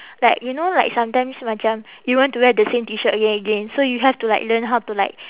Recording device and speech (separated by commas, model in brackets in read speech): telephone, conversation in separate rooms